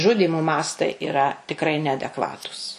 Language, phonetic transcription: Lithuanian, ˈžudymo ˈmastai iˈra tikˈrai neadekˈvatūs

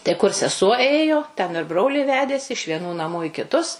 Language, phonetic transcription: Lithuanian, tai kur seˈsuo ˈėjo ten ir ˈbrolį ˈvedėsi iš vieˈnų naˈmų i kiˈtus

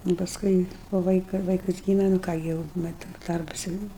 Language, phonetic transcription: Lithuanian, nu pasˈkui po ˈvaika ˈvaikas ˈgyme nu ˈką gi jau ˈmet ˈdarbas jau ˈnu

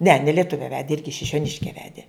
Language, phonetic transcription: Lithuanian, ne ne lieˈtuve ˈvedi ˈirgi šišioˈniške ˈvedė

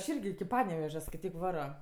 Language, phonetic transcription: Lithuanian, aš ˈirgi ˈpanevežia skaiˈtyk ˈvaro

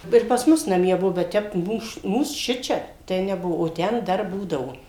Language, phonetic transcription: Lithuanian, ir pas ˈmus naˈmie ˈbuo bet ˈtep ˈmūs ˈmūs ˈšičia ˈtai neˈbuo o ˈten ˈdar ˈbūdavo

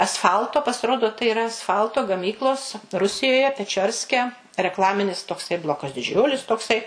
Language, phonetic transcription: Lithuanian, asˈfalto pasiˈrodo tai iˈra asˈfalto gaˈmyklos ˈrusijoje peˈčiorske rekˈlaminis toˈksai ˈblokas diˈdžiulis toˈksai

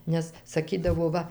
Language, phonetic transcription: Lithuanian, nes saˈkydavo ˈva

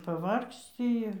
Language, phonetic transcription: Lithuanian, paˈvargsci ˈir

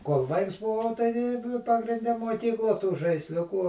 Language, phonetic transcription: Lithuanian, kol ˈvaiks buˈvau ˈtai nu pagrinˈde muoˈkykluo tų žaisˈliukų

